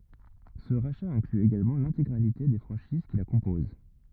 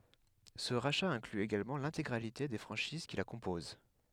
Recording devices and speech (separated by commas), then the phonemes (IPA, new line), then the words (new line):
rigid in-ear microphone, headset microphone, read sentence
sə ʁaʃa ɛ̃kly eɡalmɑ̃ lɛ̃teɡʁalite de fʁɑ̃ʃiz ki la kɔ̃poz
Ce rachat inclut également l'intégralité des franchises qui la composent.